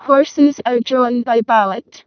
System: VC, vocoder